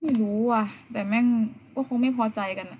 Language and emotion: Thai, frustrated